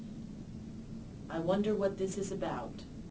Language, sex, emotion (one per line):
English
female
neutral